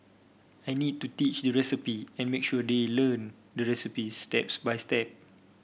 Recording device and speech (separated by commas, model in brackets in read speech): boundary microphone (BM630), read sentence